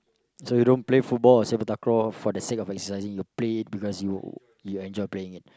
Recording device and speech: close-talking microphone, conversation in the same room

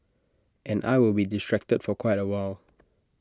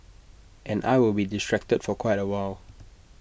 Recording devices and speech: standing microphone (AKG C214), boundary microphone (BM630), read sentence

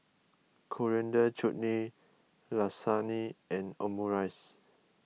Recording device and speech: mobile phone (iPhone 6), read sentence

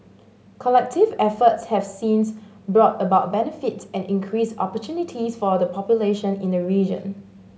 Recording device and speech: mobile phone (Samsung S8), read sentence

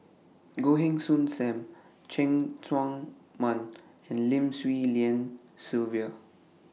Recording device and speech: mobile phone (iPhone 6), read sentence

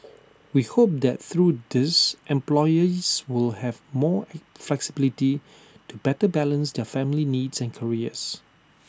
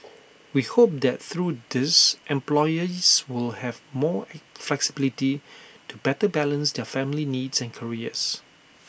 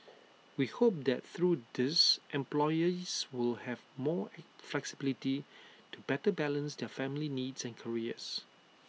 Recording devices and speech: standing microphone (AKG C214), boundary microphone (BM630), mobile phone (iPhone 6), read sentence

